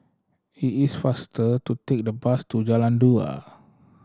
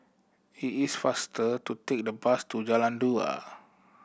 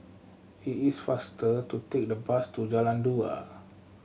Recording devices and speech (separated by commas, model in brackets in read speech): standing microphone (AKG C214), boundary microphone (BM630), mobile phone (Samsung C7100), read sentence